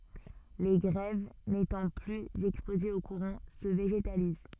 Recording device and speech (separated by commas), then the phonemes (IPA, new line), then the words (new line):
soft in-ear microphone, read sentence
le ɡʁɛv netɑ̃ plyz ɛkspozez o kuʁɑ̃ sə veʒetaliz
Les grèves, n'étant plus exposées au courant, se végétalisent.